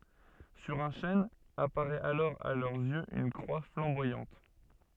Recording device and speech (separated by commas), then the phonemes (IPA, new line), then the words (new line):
soft in-ear microphone, read sentence
syʁ œ̃ ʃɛn apaʁɛt alɔʁ a lœʁz jøz yn kʁwa flɑ̃bwajɑ̃t
Sur un chêne, apparaît alors à leurs yeux une croix flamboyante.